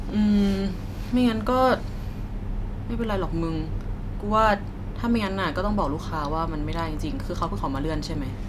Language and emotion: Thai, frustrated